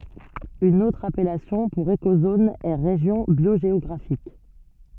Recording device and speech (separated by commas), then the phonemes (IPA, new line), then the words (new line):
soft in-ear microphone, read sentence
yn otʁ apɛlasjɔ̃ puʁ ekozon ɛ ʁeʒjɔ̃ bjoʒeɔɡʁafik
Une autre appellation pour écozone est région biogéographique.